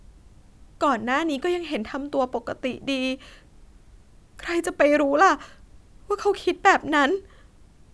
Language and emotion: Thai, sad